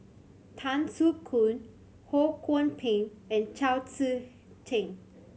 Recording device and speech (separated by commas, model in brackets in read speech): mobile phone (Samsung C7100), read sentence